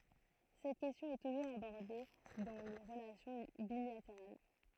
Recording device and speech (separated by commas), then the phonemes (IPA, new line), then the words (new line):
throat microphone, read sentence
sɛt kɛstjɔ̃ ɛ tuʒuʁz abɔʁde dɑ̃ le ʁəlasjɔ̃ bilateʁal
Cette question est toujours abordée dans les relations bilatérales.